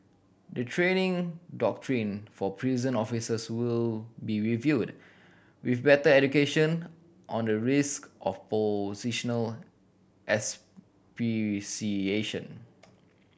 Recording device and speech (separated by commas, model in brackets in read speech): boundary microphone (BM630), read sentence